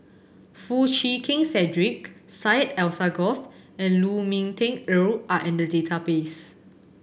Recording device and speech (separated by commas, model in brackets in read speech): boundary microphone (BM630), read sentence